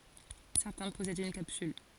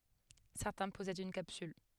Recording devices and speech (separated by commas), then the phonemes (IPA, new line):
forehead accelerometer, headset microphone, read sentence
sɛʁtɛ̃ pɔsɛdt yn kapsyl